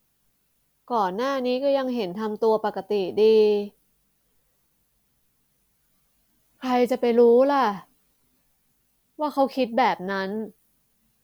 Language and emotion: Thai, frustrated